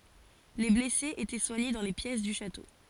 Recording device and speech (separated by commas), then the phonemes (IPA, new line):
forehead accelerometer, read sentence
le blɛsez etɛ swaɲe dɑ̃ le pjɛs dy ʃato